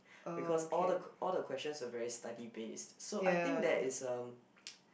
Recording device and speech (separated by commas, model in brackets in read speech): boundary microphone, conversation in the same room